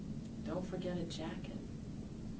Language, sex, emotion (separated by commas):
English, female, neutral